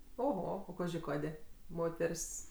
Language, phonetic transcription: Lithuanian, oˈho o ˈkaži ˈkadė ˈmoter's'

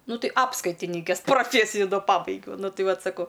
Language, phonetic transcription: Lithuanian, ˈnu ˈtai ˈapskaitinikės proˈfėsiju da ˈpabaigiau nu ˈtɨ ˈvat ˈsako

